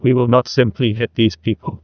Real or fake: fake